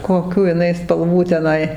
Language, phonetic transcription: Lithuanian, koˈkių iˈnai spalˈvų teˈnai

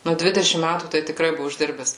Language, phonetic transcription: Lithuanian, ˈnu ˈdvidešim ˈmætų tai tiˈkrai ˈbuvu išˈdirbes

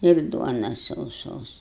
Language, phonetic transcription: Lithuanian, ir ˈduonas sauˈsos

